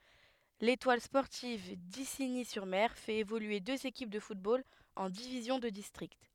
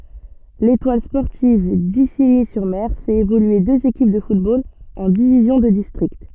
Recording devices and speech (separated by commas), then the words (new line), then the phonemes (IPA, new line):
headset microphone, soft in-ear microphone, read sentence
L'Étoile sportive d'Isigny-sur-Mer fait évoluer deux équipes de football en divisions de district.
letwal spɔʁtiv diziɲi syʁ mɛʁ fɛt evolye døz ekip də futbol ɑ̃ divizjɔ̃ də distʁikt